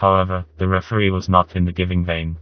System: TTS, vocoder